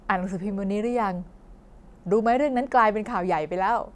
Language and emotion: Thai, happy